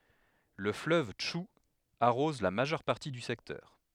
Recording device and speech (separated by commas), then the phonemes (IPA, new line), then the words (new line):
headset microphone, read sentence
lə fløv tʃu aʁɔz la maʒœʁ paʁti dy sɛktœʁ
Le fleuve Tchou arrose la majeure partie du secteur.